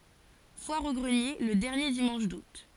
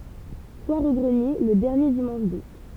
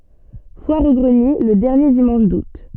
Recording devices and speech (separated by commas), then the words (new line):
forehead accelerometer, temple vibration pickup, soft in-ear microphone, read sentence
Foire aux greniers le dernier dimanche d'août.